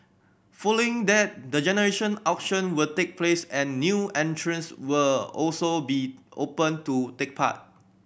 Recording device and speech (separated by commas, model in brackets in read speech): boundary microphone (BM630), read sentence